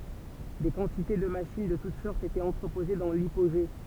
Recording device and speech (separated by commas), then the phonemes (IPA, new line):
temple vibration pickup, read sentence
de kɑ̃tite də maʃin də tut sɔʁtz etɛt ɑ̃tʁəpoze dɑ̃ lipoʒe